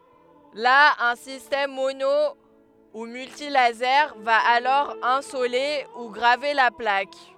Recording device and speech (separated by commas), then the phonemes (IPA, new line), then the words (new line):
headset microphone, read sentence
la œ̃ sistɛm mono u myltilaze va alɔʁ ɛ̃sole u ɡʁave la plak
Là, un système mono ou multilasers va alors insoler ou graver la plaque.